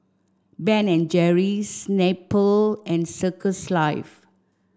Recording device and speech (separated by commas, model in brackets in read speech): standing microphone (AKG C214), read sentence